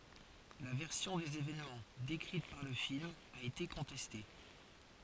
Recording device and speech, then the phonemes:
forehead accelerometer, read sentence
la vɛʁsjɔ̃ dez evɛnmɑ̃ dekʁit paʁ lə film a ete kɔ̃tɛste

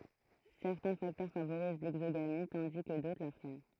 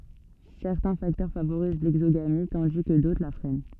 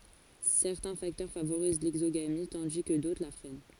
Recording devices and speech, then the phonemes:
throat microphone, soft in-ear microphone, forehead accelerometer, read sentence
sɛʁtɛ̃ faktœʁ favoʁiz lɛɡzoɡami tɑ̃di kə dotʁ la fʁɛn

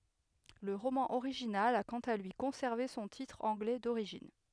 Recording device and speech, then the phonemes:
headset microphone, read sentence
lə ʁomɑ̃ oʁiʒinal a kɑ̃t a lyi kɔ̃sɛʁve sɔ̃ titʁ ɑ̃ɡlɛ doʁiʒin

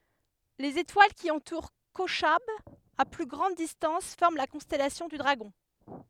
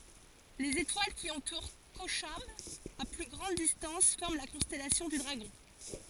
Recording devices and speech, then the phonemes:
headset microphone, forehead accelerometer, read sentence
lez etwal ki ɑ̃tuʁ koʃab a ply ɡʁɑ̃d distɑ̃s fɔʁm la kɔ̃stɛlasjɔ̃ dy dʁaɡɔ̃

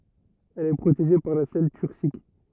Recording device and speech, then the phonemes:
rigid in-ear microphone, read sentence
ɛl ɛ pʁoteʒe paʁ la sɛl tyʁsik

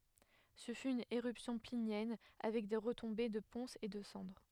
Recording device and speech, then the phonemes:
headset microphone, read sentence
sə fy yn eʁypsjɔ̃ plinjɛn avɛk de ʁətɔ̃be də pɔ̃sz e də sɑ̃dʁ

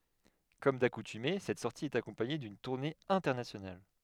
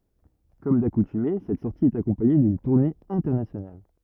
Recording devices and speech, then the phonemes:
headset microphone, rigid in-ear microphone, read sentence
kɔm dakutyme sɛt sɔʁti ɛt akɔ̃paɲe dyn tuʁne ɛ̃tɛʁnasjonal

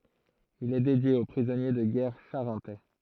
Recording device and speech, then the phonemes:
throat microphone, read sentence
il ɛ dedje o pʁizɔnje də ɡɛʁ ʃaʁɑ̃tɛ

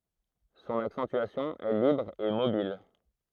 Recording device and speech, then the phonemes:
throat microphone, read sentence
sɔ̃n aksɑ̃tyasjɔ̃ ɛ libʁ e mobil

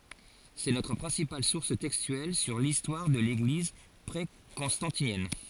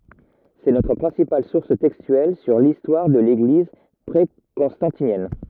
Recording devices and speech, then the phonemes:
forehead accelerometer, rigid in-ear microphone, read sentence
sɛ notʁ pʁɛ̃sipal suʁs tɛkstyɛl syʁ listwaʁ də leɡliz pʁekɔ̃stɑ̃tinjɛn

